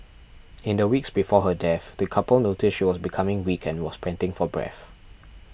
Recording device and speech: boundary microphone (BM630), read sentence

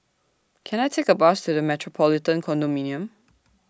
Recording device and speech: standing microphone (AKG C214), read sentence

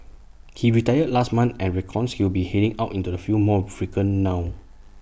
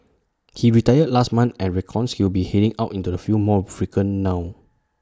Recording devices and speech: boundary microphone (BM630), standing microphone (AKG C214), read sentence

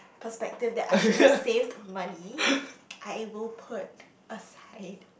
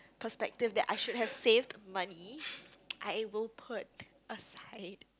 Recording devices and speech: boundary microphone, close-talking microphone, conversation in the same room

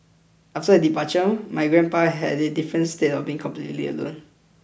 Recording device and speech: boundary microphone (BM630), read sentence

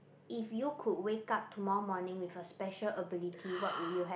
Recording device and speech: boundary microphone, conversation in the same room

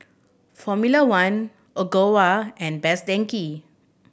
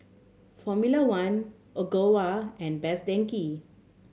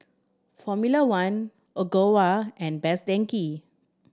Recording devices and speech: boundary microphone (BM630), mobile phone (Samsung C7100), standing microphone (AKG C214), read sentence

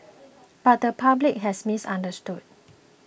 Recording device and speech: boundary microphone (BM630), read sentence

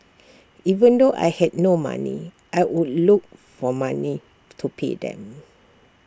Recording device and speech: standing microphone (AKG C214), read sentence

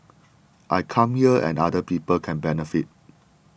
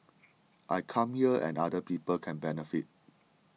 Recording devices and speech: boundary microphone (BM630), mobile phone (iPhone 6), read sentence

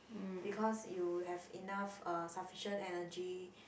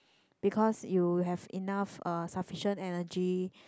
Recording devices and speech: boundary microphone, close-talking microphone, conversation in the same room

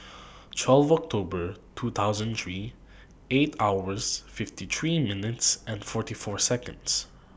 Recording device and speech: boundary microphone (BM630), read sentence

